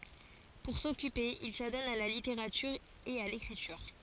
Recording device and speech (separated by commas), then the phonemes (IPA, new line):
forehead accelerometer, read sentence
puʁ sɔkype il sadɔn a la liteʁatyʁ e a lekʁityʁ